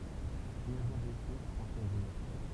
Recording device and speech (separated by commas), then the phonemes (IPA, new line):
temple vibration pickup, read sentence
ɡʁiɛvmɑ̃ blɛse fʁɑ̃swaz mœʁ